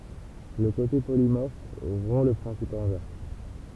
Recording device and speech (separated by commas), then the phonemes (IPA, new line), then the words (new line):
temple vibration pickup, read sentence
lə kote polimɔʁf ʁɔ̃ lə pʁɛ̃sip ɛ̃vɛʁs
Le côté polymorphe rompt le principe inverse.